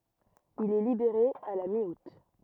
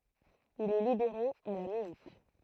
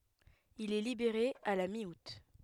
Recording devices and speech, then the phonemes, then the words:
rigid in-ear microphone, throat microphone, headset microphone, read sentence
il ɛ libeʁe a la mi ut
Il est libéré à la mi-août.

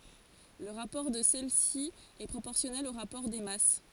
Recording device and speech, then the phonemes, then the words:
forehead accelerometer, read sentence
lə ʁapɔʁ də sɛlɛsi ɛ pʁopɔʁsjɔnɛl o ʁapɔʁ de mas
Le rapport de celles-ci est proportionnel au rapport des masses.

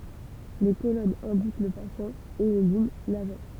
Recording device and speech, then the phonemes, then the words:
temple vibration pickup, read sentence
le kolɔnz ɛ̃dik lə pasjɑ̃ e le liɲ laʒɑ̃
Les colonnes indiquent le patient, et les lignes l'agent.

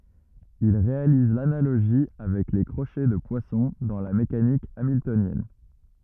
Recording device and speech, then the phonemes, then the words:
rigid in-ear microphone, read sentence
il ʁealiz lanaloʒi avɛk le kʁoʃɛ də pwasɔ̃ dɑ̃ la mekanik amiltonjɛn
Il réalise l'analogie avec les crochets de Poisson dans la mécanique hamiltonienne.

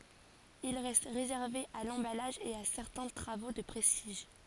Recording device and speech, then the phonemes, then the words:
forehead accelerometer, read sentence
il ʁɛst ʁezɛʁve a lɑ̃balaʒ e a sɛʁtɛ̃ tʁavo də pʁɛstiʒ
Il reste réservé à l'emballage et à certains travaux de prestige.

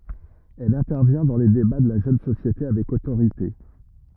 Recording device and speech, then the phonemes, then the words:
rigid in-ear microphone, read sentence
ɛl ɛ̃tɛʁvjɛ̃ dɑ̃ le deba də la ʒøn sosjete avɛk otoʁite
Elle intervient dans les débats de la jeune société avec autorité.

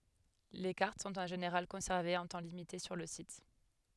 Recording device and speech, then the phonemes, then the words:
headset microphone, read sentence
le kaʁt sɔ̃t ɑ̃ ʒeneʁal kɔ̃sɛʁvez œ̃ tɑ̃ limite syʁ lə sit
Les cartes sont en général conservées un temps limité sur le site.

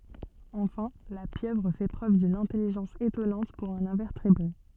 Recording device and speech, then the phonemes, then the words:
soft in-ear microphone, read sentence
ɑ̃fɛ̃ la pjøvʁ fɛ pʁøv dyn ɛ̃tɛliʒɑ̃s etɔnɑ̃t puʁ œ̃n ɛ̃vɛʁtebʁe
Enfin, la pieuvre fait preuve d'une intelligence étonnante pour un invertébré.

